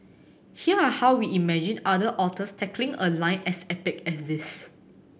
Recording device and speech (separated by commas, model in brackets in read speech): boundary microphone (BM630), read sentence